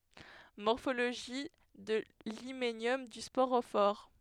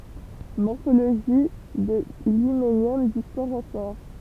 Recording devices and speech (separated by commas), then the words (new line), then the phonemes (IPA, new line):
headset microphone, temple vibration pickup, read sentence
Morphologie de l'hyménium du sporophore.
mɔʁfoloʒi də limenjɔm dy spoʁofɔʁ